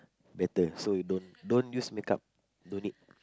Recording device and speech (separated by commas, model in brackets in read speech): close-talking microphone, conversation in the same room